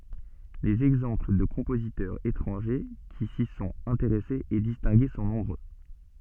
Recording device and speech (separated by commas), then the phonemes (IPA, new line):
soft in-ear microphone, read sentence
lez ɛɡzɑ̃pl də kɔ̃pozitœʁz etʁɑ̃ʒe ki si sɔ̃t ɛ̃teʁɛsez e distɛ̃ɡe sɔ̃ nɔ̃bʁø